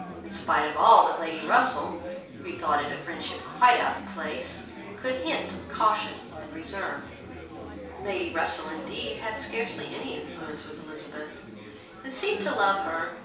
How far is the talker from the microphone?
3.0 m.